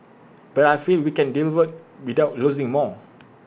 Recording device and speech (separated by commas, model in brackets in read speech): boundary microphone (BM630), read sentence